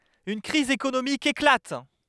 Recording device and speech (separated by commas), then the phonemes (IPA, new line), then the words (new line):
headset microphone, read sentence
yn kʁiz ekonomik eklat
Une crise économique éclate.